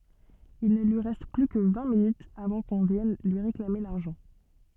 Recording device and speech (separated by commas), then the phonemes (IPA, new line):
soft in-ear microphone, read sentence
il nə lyi ʁɛst ply kə vɛ̃ minytz avɑ̃ kɔ̃ vjɛn lyi ʁeklame laʁʒɑ̃